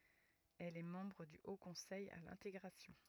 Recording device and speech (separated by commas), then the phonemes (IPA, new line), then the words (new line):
rigid in-ear microphone, read sentence
ɛl ɛ mɑ̃bʁ dy o kɔ̃sɛj a lɛ̃teɡʁasjɔ̃
Elle est membre du Haut conseil à l'intégration.